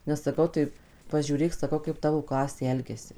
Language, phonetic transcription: Lithuanian, nes saˈkau tai paˈžiūrėk saˈkau kaip ˈtavo ˈklasė ˈelgiasi

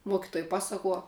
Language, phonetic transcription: Lithuanian, ˈmuokituoj ˈpasakuo

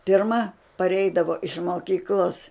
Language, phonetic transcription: Lithuanian, pirˈma paˈreidavo iš moˈkyklos

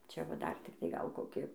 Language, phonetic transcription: Lithuanian, ˈčia va ˈdar tikˈtai ˈgal ˈkoki

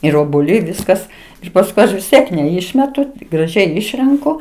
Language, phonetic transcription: Lithuanian, ir obuoˈliai ˈviskas ir pasˈkui ˈaš vis ˈtiek neˈišmetu graˈžiai ˈišrenku

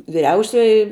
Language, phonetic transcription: Lithuanian, viˈriausioji

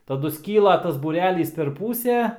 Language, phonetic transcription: Lithuanian, taˈdu ˈskyla tas būˈrelys per ˈpūsę

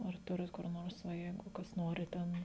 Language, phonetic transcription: Lithuanian, ar ˈturit kur ˈnors va ˈjeigu ˈkas ˈnori ˈten

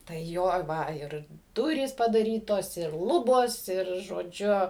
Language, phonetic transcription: Lithuanian, tai ˈjo ˈva ˈir ˈdurys padaˈrytos ir ˈlubos ir žoˈdžiu

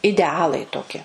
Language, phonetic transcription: Lithuanian, ideˈalai toˈki

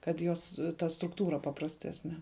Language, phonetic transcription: Lithuanian, kad ˈjos ˈta strukˈtūra paprasˈtesne

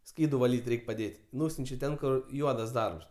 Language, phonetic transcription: Lithuanian, ˈskydu vaˈlyt' ˈreik' paˈdėt' ˈnūsiunčia ˈten ˈkur ˈjuodas ˈdarbs

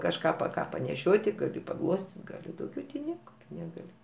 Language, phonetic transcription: Lithuanian, kažˈką pa ˈką paneˈšioti gaˈli paˈglostit' gaˈli dauˈgiau ti ˈnieka ˈtu neˈgali

